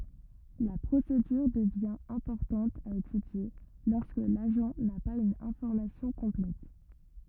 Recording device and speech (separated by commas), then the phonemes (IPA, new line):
rigid in-ear microphone, read sentence
la pʁosedyʁ dəvjɛ̃ ɛ̃pɔʁtɑ̃t a etydje lɔʁskə laʒɑ̃ na paz yn ɛ̃fɔʁmasjɔ̃ kɔ̃plɛt